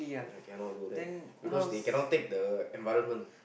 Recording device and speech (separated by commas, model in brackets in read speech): boundary microphone, conversation in the same room